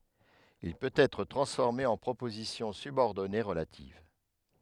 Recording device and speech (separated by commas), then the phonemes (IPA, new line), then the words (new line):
headset microphone, read sentence
il pøt ɛtʁ tʁɑ̃sfɔʁme ɑ̃ pʁopozisjɔ̃ sybɔʁdɔne ʁəlativ
Il peut être transformé en proposition subordonnée relative.